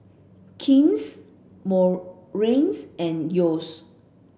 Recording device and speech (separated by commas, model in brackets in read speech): boundary microphone (BM630), read sentence